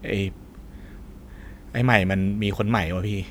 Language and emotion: Thai, neutral